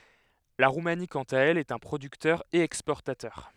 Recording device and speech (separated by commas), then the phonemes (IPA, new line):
headset microphone, read sentence
la ʁumani kɑ̃t a ɛl ɛt œ̃ pʁodyktœʁ e ɛkspɔʁtatœʁ